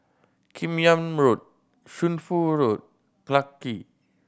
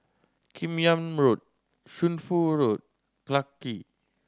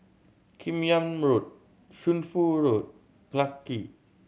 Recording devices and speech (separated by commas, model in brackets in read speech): boundary microphone (BM630), standing microphone (AKG C214), mobile phone (Samsung C7100), read sentence